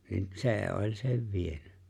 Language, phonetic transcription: Finnish, niin "se̬e̬ ’oĺ sev 'vieny .
- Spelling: niin se oli sen vienyt

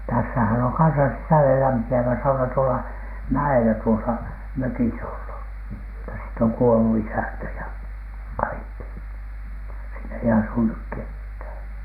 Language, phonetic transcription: Finnish, täs̳s̳ähän oŋ kansa 'sisälelämpi₍ävä 'sauna tuola , 'mä₍elä tuosa "mökis ‿ollu , mutta siit ‿oŋ kuolu 'isäntä ja "kaikki , siin ‿ei asu ‿nyk "kethä̀N .
- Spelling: tässähän on kanssa sisällelämpiävä sauna tuolla mäellä tuossa mökissä ollut mutta siitä on kuollut isäntä ja kaikki siinä ei asu nyt ketään

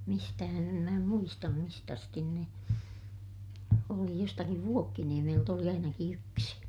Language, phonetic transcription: Finnish, mistähän ‿em mä muistam mist ‿astin ne , oli - jostakiv Vuokkiniemelt ‿oli ainaki yksi .
- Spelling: mistähän en minä muista mistä asti ne oli jostakin Vuokkiniemeltä oli ainakin yksi

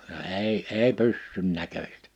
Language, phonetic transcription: Finnish, ja 'èi , 'èi "pyssyn 'näköśtᴀ̈ .
- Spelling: ja ei ei pyssyn näköistä

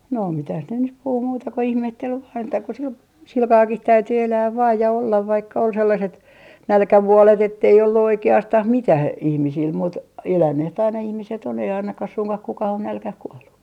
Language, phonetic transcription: Finnish, 'no 'mitäh ne nyp 'puhu muuta ko 'ihmettel vaan että ko sil- , 'silkaakih "täyty 'elääv vaaj ja ollav vaikka ol sellaset , 'nälkävuolet ettei ollu 'oike₍astah "mitäh , ihmisil 'muut- , 'elänneht ‿aina 'ihmiset ‿on ei 'ainakah 'suŋkah 'kukah ‿on 'nälkäh kuollu .
- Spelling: no mitä ne nyt puhui muuta kuin ihmetteli vain että kun - sillä kalellakin täytyi elää vain ja olla vaikka oli sellaiset nälkävuodet että ei ollut oikeastaan mitään ihmisillä - eläneet aina ihmiset on ei ainakaan suinkaan kukaan ole nälkään kuollut

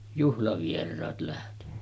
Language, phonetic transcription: Finnish, juhlavier̆raat lähtᴇɴɴᴀ̈ .
- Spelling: juhlavieraat lähtenyt

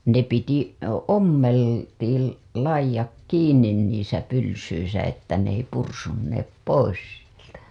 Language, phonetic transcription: Finnish, ne piti , "ommel- , -tiil 'laij̆jak 'kiiǹin niisä pylsyisä että n ‿ei pursunneep 'pois sieltä .
- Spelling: ne piti - ommeltiin laidat kiinni niissä pylsyissä että ne ei pursuneet pois sieltä

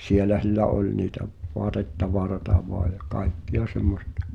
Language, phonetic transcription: Finnish, sielä (s)illä 'oĺ niitä v- , 'voatet'tavarata voa ja "kài̬kki₍a semmostᴀ .
- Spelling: siellä sillä oli niitä - vaatetavaraa vain ja kaikkea semmoista

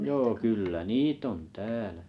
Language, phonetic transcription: Finnish, 'joo kyllä "niit ‿on "täälᴀ̈ .
- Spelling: joo kyllä niitä on täällä

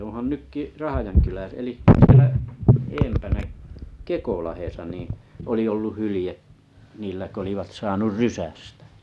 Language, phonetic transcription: Finnish, oo̰han 'nykki , 'Rahajankylä- 'eli , sⁱelä , 'eempänä’ , "Kekolahdesa niⁱ̰ , oli olluh 'hylⁱje , 'niillä k ‿olivat 'saanur "rysästᴀ̈ .
- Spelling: onhan nytkin - eli siellä edempänä Kekolahdessa niin oli ollut hylje niillä kun olivat saanut rysästä

